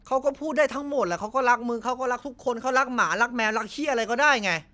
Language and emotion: Thai, frustrated